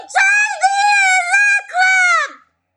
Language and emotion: English, neutral